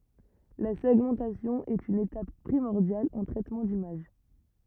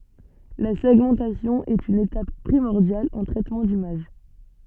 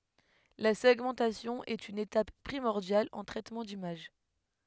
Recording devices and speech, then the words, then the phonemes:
rigid in-ear microphone, soft in-ear microphone, headset microphone, read sentence
La segmentation est une étape primordiale en traitement d'image.
la sɛɡmɑ̃tasjɔ̃ ɛt yn etap pʁimɔʁdjal ɑ̃ tʁɛtmɑ̃ dimaʒ

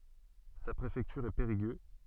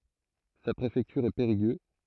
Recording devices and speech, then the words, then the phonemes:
soft in-ear microphone, throat microphone, read sentence
Sa préfecture est Périgueux.
sa pʁefɛktyʁ ɛ peʁiɡø

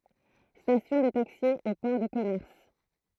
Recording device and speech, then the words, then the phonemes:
throat microphone, read sentence
Station de taxis au port de commerce.
stasjɔ̃ də taksi o pɔʁ də kɔmɛʁs

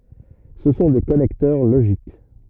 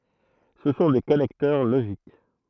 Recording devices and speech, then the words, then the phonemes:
rigid in-ear microphone, throat microphone, read sentence
Ce sont des connecteurs logiques.
sə sɔ̃ de kɔnɛktœʁ loʒik

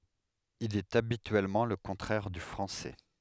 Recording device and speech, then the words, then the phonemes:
headset microphone, read sentence
Il est habituellement le contraire du français.
il ɛt abityɛlmɑ̃ lə kɔ̃tʁɛʁ dy fʁɑ̃sɛ

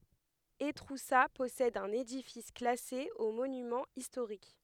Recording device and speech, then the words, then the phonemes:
headset microphone, read sentence
Étroussat possède un édifice classé aux monuments historiques.
etʁusa pɔsɛd œ̃n edifis klase o monymɑ̃z istoʁik

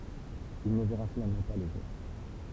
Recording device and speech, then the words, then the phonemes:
temple vibration pickup, read sentence
Il ne verra finalement pas le jour.
il nə vɛʁa finalmɑ̃ pa lə ʒuʁ

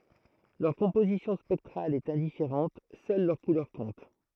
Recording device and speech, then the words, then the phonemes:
throat microphone, read sentence
Leur composition spectrale est indifférente, seule leur couleur compte.
lœʁ kɔ̃pozisjɔ̃ spɛktʁal ɛt ɛ̃difeʁɑ̃t sœl lœʁ kulœʁ kɔ̃t

